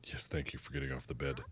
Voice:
low voice